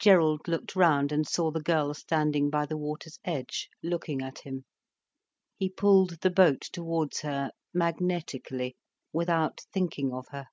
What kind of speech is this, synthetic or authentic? authentic